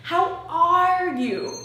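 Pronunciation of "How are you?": In 'How are you?', the verb 'are' is stressed.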